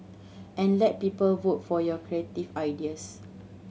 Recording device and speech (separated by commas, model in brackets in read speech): mobile phone (Samsung C7100), read sentence